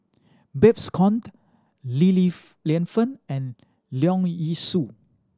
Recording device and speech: standing microphone (AKG C214), read sentence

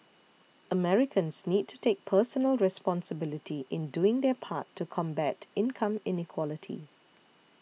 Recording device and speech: mobile phone (iPhone 6), read sentence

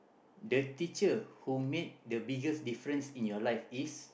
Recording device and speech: boundary microphone, conversation in the same room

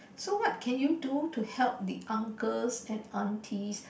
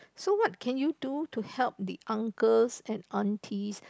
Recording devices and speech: boundary microphone, close-talking microphone, conversation in the same room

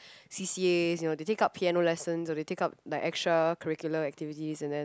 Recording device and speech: close-talking microphone, conversation in the same room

